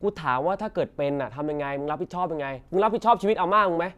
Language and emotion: Thai, angry